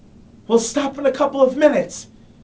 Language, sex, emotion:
English
male
angry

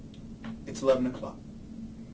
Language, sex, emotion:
English
male
neutral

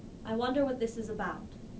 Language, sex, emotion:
English
female
neutral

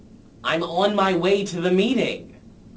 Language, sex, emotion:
English
male
disgusted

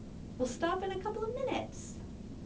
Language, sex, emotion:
English
female
neutral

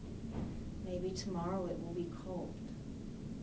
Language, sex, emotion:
English
female
sad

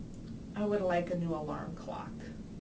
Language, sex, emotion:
English
female
neutral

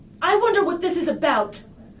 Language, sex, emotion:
English
female
angry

